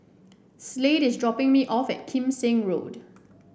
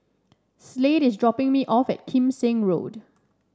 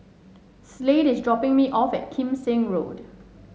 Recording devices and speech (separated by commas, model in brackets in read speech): boundary microphone (BM630), standing microphone (AKG C214), mobile phone (Samsung S8), read sentence